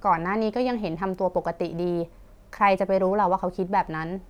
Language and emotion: Thai, neutral